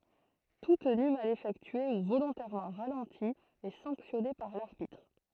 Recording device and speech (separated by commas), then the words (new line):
throat microphone, read sentence
Tout tenu mal effectué ou volontairement ralenti est sanctionné par l'arbitre.